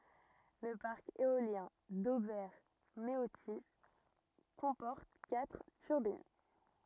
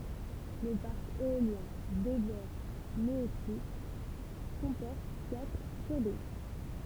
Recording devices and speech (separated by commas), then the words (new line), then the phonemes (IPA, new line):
rigid in-ear microphone, temple vibration pickup, read sentence
Le parc éolien d'Auvers-Méautis comporte quatre turbines.
lə paʁk eoljɛ̃ dovɛʁ meoti kɔ̃pɔʁt katʁ tyʁbin